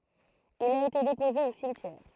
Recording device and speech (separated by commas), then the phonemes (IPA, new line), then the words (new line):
throat microphone, read sentence
il a ete depoze o simtjɛʁ
Il a été déposé au cimetière.